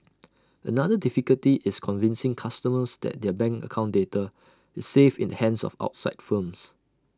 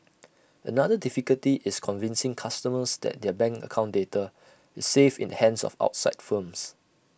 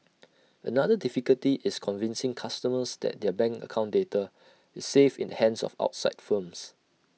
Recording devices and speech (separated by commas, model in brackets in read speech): standing microphone (AKG C214), boundary microphone (BM630), mobile phone (iPhone 6), read sentence